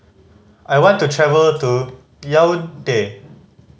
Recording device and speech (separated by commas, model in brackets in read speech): mobile phone (Samsung C5010), read sentence